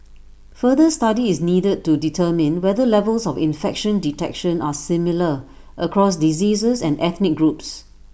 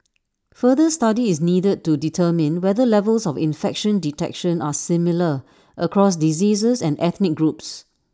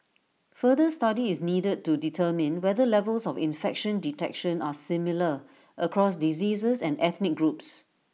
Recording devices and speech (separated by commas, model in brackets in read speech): boundary microphone (BM630), standing microphone (AKG C214), mobile phone (iPhone 6), read sentence